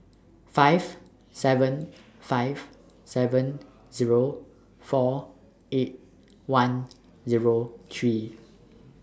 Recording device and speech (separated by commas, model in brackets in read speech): standing microphone (AKG C214), read sentence